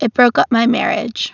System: none